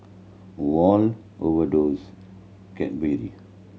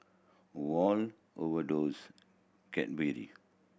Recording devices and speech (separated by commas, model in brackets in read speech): mobile phone (Samsung C7100), boundary microphone (BM630), read sentence